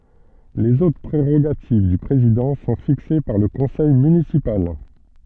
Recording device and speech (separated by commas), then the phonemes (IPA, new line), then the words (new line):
soft in-ear microphone, read sentence
lez otʁ pʁeʁoɡativ dy pʁezidɑ̃ sɔ̃ fikse paʁ lə kɔ̃sɛj mynisipal
Les autres prérogatives du président sont fixées par le conseil municipal.